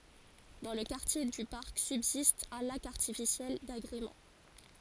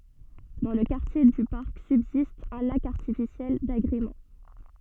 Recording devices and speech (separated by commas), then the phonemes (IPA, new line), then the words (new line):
forehead accelerometer, soft in-ear microphone, read sentence
dɑ̃ lə kaʁtje dy paʁk sybzist œ̃ lak aʁtifisjɛl daɡʁemɑ̃
Dans le quartier du parc subsiste un lac artificiel d’agrément.